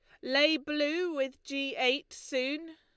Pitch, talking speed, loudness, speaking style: 290 Hz, 145 wpm, -31 LUFS, Lombard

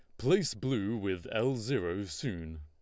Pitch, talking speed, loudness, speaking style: 110 Hz, 150 wpm, -33 LUFS, Lombard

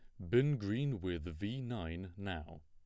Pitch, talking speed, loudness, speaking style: 100 Hz, 155 wpm, -38 LUFS, plain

